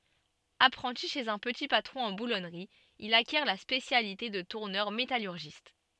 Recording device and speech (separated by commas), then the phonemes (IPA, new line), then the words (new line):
soft in-ear microphone, read sentence
apʁɑ̃ti ʃez œ̃ pəti patʁɔ̃ ɑ̃ bulɔnʁi il akjɛʁ la spesjalite də tuʁnœʁ metalyʁʒist
Apprenti chez un petit patron en boulonnerie, il acquiert la spécialité de tourneur métallurgiste.